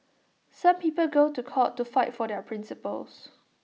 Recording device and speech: mobile phone (iPhone 6), read sentence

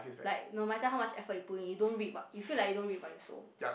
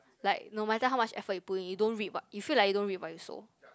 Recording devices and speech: boundary microphone, close-talking microphone, conversation in the same room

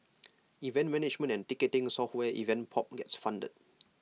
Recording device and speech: mobile phone (iPhone 6), read sentence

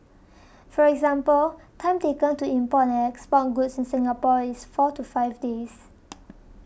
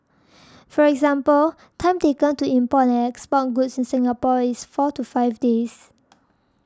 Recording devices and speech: boundary microphone (BM630), standing microphone (AKG C214), read sentence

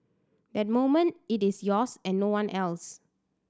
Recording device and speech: standing microphone (AKG C214), read sentence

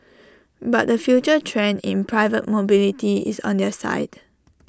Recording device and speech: standing microphone (AKG C214), read sentence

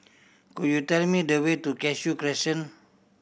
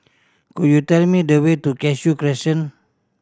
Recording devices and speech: boundary microphone (BM630), standing microphone (AKG C214), read sentence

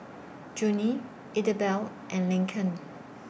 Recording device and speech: boundary microphone (BM630), read sentence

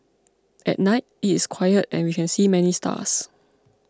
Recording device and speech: close-talking microphone (WH20), read sentence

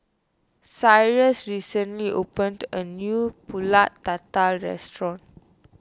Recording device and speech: standing microphone (AKG C214), read sentence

